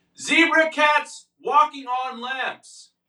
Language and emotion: English, neutral